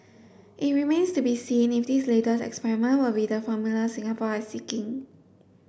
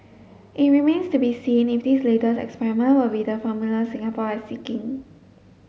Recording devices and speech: boundary microphone (BM630), mobile phone (Samsung S8), read sentence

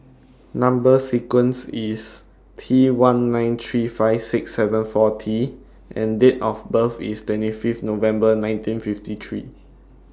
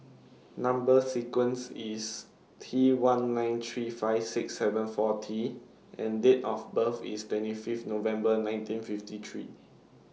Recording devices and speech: standing microphone (AKG C214), mobile phone (iPhone 6), read sentence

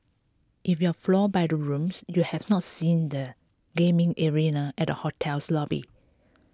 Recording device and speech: close-talking microphone (WH20), read sentence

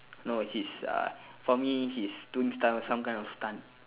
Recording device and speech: telephone, conversation in separate rooms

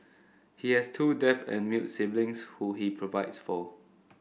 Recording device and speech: boundary microphone (BM630), read sentence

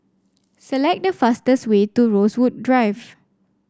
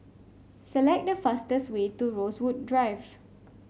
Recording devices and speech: standing microphone (AKG C214), mobile phone (Samsung C5), read sentence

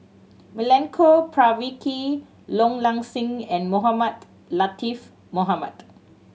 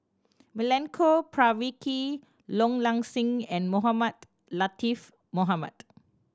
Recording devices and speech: mobile phone (Samsung C7100), standing microphone (AKG C214), read sentence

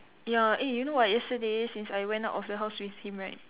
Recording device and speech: telephone, conversation in separate rooms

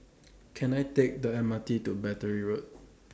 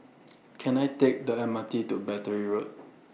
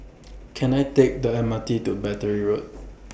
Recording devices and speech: standing microphone (AKG C214), mobile phone (iPhone 6), boundary microphone (BM630), read sentence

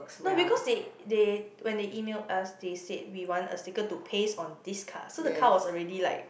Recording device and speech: boundary microphone, conversation in the same room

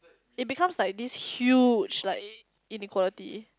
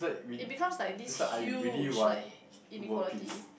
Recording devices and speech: close-talking microphone, boundary microphone, conversation in the same room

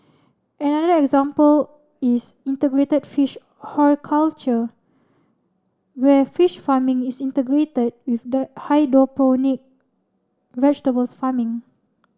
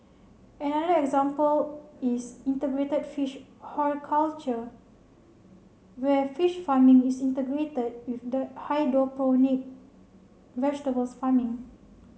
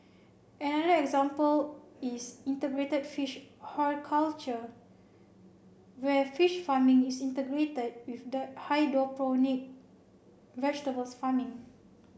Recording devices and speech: standing microphone (AKG C214), mobile phone (Samsung C7), boundary microphone (BM630), read sentence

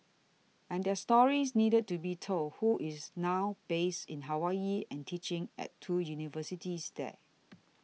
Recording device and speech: mobile phone (iPhone 6), read sentence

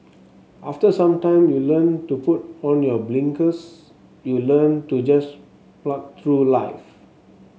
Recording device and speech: mobile phone (Samsung S8), read sentence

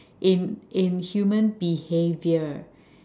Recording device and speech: standing microphone, conversation in separate rooms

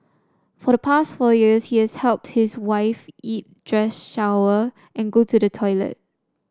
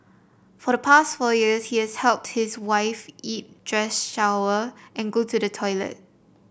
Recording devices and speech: standing microphone (AKG C214), boundary microphone (BM630), read sentence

